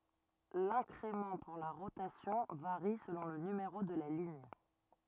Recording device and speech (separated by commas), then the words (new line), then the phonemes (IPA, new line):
rigid in-ear microphone, read sentence
L'incrément pour la rotation varie selon le numéro de la ligne.
lɛ̃kʁemɑ̃ puʁ la ʁotasjɔ̃ vaʁi səlɔ̃ lə nymeʁo də la liɲ